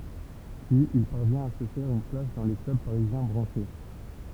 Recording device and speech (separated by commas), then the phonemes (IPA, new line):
temple vibration pickup, read sentence
pyiz il paʁvjɛ̃t a sə fɛʁ yn plas dɑ̃ le klœb paʁizjɛ̃ bʁɑ̃ʃe